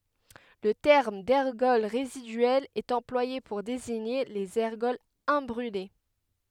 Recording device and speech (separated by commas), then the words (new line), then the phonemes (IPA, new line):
headset microphone, read sentence
Le terme d’ergols résiduels est employé pour désigner les ergols imbrûlés.
lə tɛʁm dɛʁɡɔl ʁezidyɛlz ɛt ɑ̃plwaje puʁ deziɲe lez ɛʁɡɔlz ɛ̃bʁyle